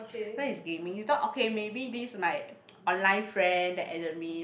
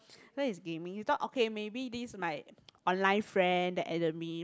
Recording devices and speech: boundary microphone, close-talking microphone, conversation in the same room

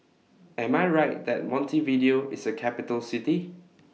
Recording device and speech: mobile phone (iPhone 6), read sentence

